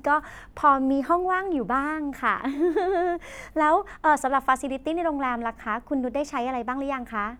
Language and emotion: Thai, happy